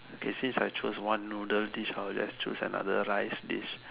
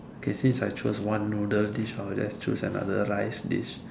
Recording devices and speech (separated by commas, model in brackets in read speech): telephone, standing microphone, conversation in separate rooms